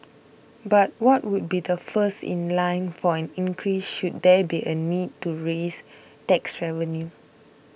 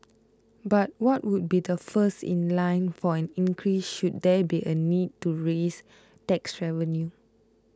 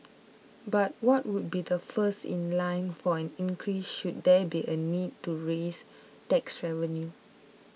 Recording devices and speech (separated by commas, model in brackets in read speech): boundary microphone (BM630), close-talking microphone (WH20), mobile phone (iPhone 6), read sentence